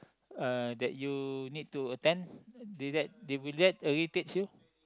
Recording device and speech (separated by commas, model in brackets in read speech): close-talking microphone, conversation in the same room